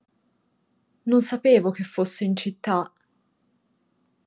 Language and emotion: Italian, sad